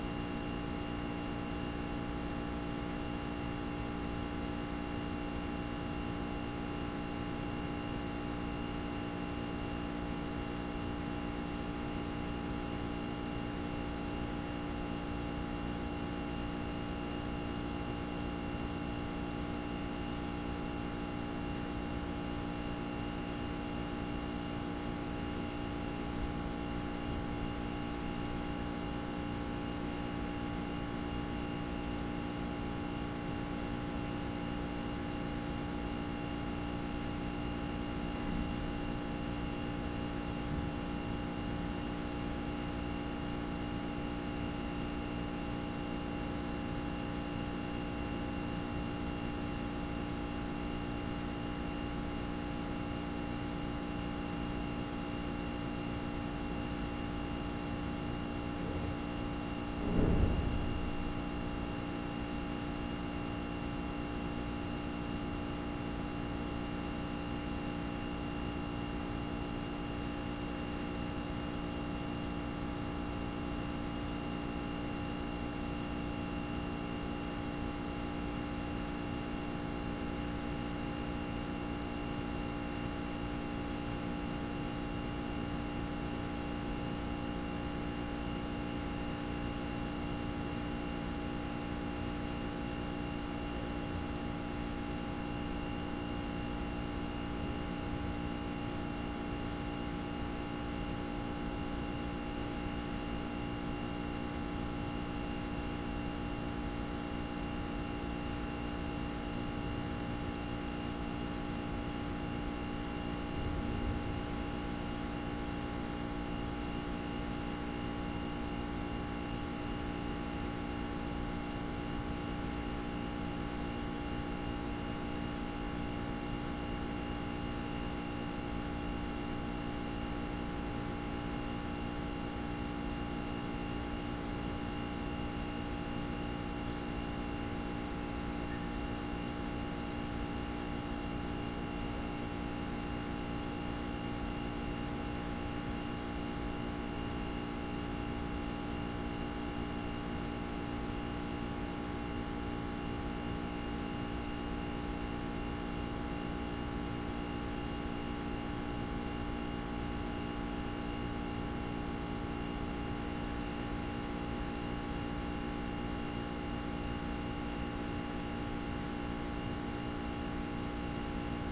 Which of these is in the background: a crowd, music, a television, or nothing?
Nothing.